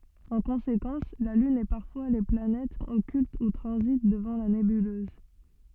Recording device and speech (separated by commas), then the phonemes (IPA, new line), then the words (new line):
soft in-ear microphone, read sentence
ɑ̃ kɔ̃sekɑ̃s la lyn e paʁfwa le planɛtz ɔkylt u tʁɑ̃zit dəvɑ̃ la nebyløz
En conséquence, la Lune et parfois les planètes occultent ou transitent devant la nébuleuse.